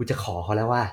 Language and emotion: Thai, happy